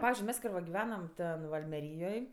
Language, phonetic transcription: Lithuanian, ˈpavizdžiui ˈmes ˈkai va giˈvenam ˈten va almeˈryjoj

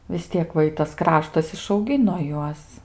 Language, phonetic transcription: Lithuanian, vis ˈtiek va ˈitas ˈkraštas išauˈgino ˈjuos

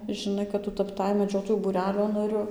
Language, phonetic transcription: Lithuanian, žiˈnai kad ˈtu tapˈtai meˈdžiotojų būˈrelio naˈriu

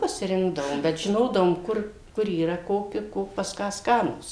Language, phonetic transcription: Lithuanian, pasiˈrinkdavom bet žiˈnodavom ˈkur ˈkur yˈra ˈkoki ˈko pas ˈką ˈskanūs

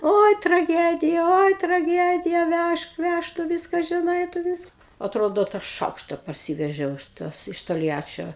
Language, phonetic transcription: Lithuanian, ˈoi traˈgedija ˈoi traˈgedija ˈvæžk ˈvæžk tu ˈviska žiˈnai tu ˈviska atˈrodo tą ˈšaukšta parˈsyvežiau iš ˈtos iš tolˈjačio

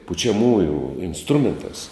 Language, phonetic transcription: Lithuanian, pučiaˈmųjų insˈtrumenˌtās

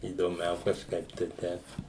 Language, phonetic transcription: Lithuanian, įdoˈmiau kažˈkaip tai ˈteip

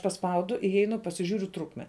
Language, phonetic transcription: Lithuanian, paˈspaudu iˈjeinu pasiˈžiūriu ˈtrukme

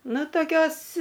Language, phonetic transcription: Lithuanian, ˈnu toˈkios

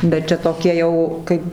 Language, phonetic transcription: Lithuanian, bet ˈčia toˈkie ˈjau ˈkaip

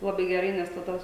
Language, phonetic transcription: Lithuanian, laˈbai geˈrai nes taˈda

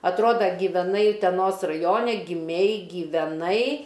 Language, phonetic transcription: Lithuanian, atˈroda giveˈnai uteˈnos raˈjone giˈmei gyveˈnai

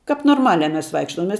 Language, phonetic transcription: Lithuanian, kap norˈmaliā ˈmes ˈvaikštom ˈmes

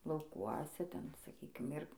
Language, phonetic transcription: Lithuanian, lauˈkuose ˈten saˈkykim ˈir

